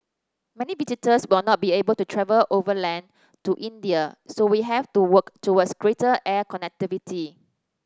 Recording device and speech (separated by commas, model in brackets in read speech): standing microphone (AKG C214), read sentence